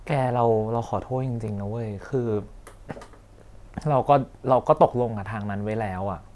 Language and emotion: Thai, sad